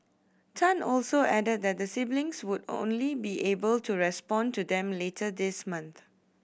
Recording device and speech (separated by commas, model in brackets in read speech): boundary microphone (BM630), read sentence